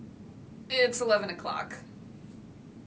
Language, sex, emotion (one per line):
English
female
neutral